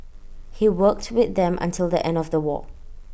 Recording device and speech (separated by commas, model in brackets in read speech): boundary microphone (BM630), read sentence